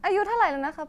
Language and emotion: Thai, neutral